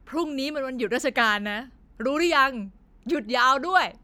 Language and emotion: Thai, angry